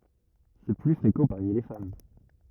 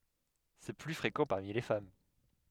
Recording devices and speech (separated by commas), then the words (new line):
rigid in-ear microphone, headset microphone, read sentence
C'est plus fréquent parmi les femmes.